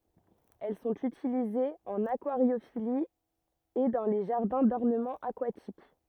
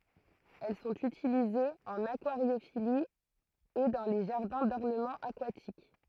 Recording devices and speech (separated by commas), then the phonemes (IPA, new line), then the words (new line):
rigid in-ear microphone, throat microphone, read sentence
ɛl sɔ̃t ytilizez ɑ̃n akwaʁjofili e dɑ̃ le ʒaʁdɛ̃ dɔʁnəmɑ̃ akwatik
Elles sont utilisées en aquariophilie et dans les jardins d'ornement aquatiques.